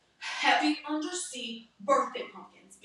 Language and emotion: English, angry